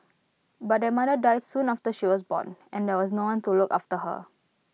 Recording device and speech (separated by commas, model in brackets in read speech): mobile phone (iPhone 6), read sentence